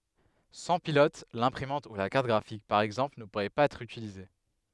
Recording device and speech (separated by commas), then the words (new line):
headset microphone, read sentence
Sans pilote, l'imprimante ou la carte graphique par exemple ne pourraient pas être utilisées.